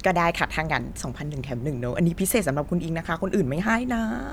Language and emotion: Thai, happy